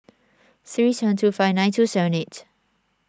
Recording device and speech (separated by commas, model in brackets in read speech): standing microphone (AKG C214), read sentence